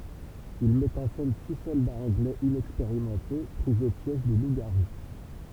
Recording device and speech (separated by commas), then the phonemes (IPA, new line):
temple vibration pickup, read sentence
il mɛt ɑ̃ sɛn si sɔldaz ɑ̃ɡlɛz inɛkspeʁimɑ̃te pʁi o pjɛʒ de lupzɡaʁu